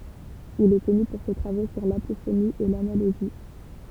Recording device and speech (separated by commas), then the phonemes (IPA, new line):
temple vibration pickup, read sentence
il ɛ kɔny puʁ se tʁavo syʁ lapofoni e lanaloʒi